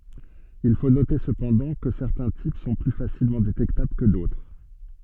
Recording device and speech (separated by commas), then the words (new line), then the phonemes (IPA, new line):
soft in-ear microphone, read sentence
Il faut noter, cependant, que certains types sont plus facilement détectables que d'autres.
il fo note səpɑ̃dɑ̃ kə sɛʁtɛ̃ tip sɔ̃ ply fasilmɑ̃ detɛktabl kə dotʁ